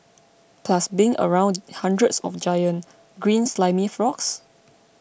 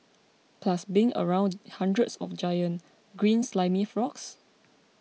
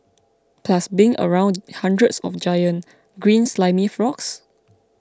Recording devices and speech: boundary microphone (BM630), mobile phone (iPhone 6), close-talking microphone (WH20), read sentence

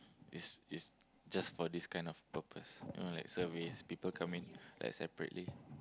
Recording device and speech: close-talking microphone, conversation in the same room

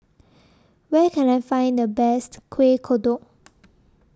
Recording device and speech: standing microphone (AKG C214), read sentence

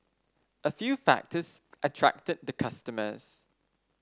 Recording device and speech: standing microphone (AKG C214), read sentence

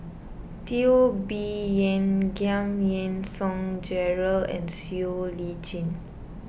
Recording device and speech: boundary microphone (BM630), read sentence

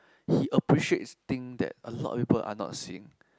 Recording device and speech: close-talking microphone, conversation in the same room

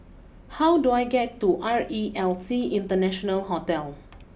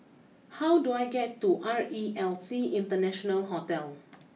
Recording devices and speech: boundary microphone (BM630), mobile phone (iPhone 6), read sentence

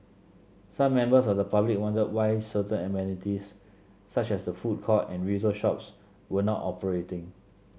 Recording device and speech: mobile phone (Samsung C7), read sentence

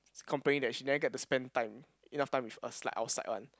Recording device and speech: close-talking microphone, conversation in the same room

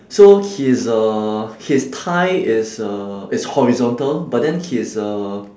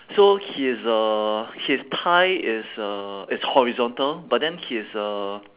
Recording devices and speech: standing microphone, telephone, conversation in separate rooms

